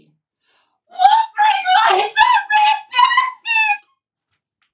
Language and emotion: English, sad